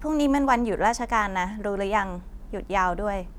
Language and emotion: Thai, neutral